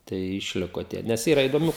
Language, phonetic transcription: Lithuanian, ˈtai išˈliko ˈtie ˈnes ˈyra idoˈmių

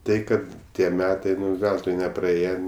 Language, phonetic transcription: Lithuanian, ˈtai ˈkad ˈtie ˈmetai ˈveltui nepraˈėje

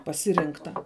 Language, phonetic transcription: Lithuanian, paˈsirinkta

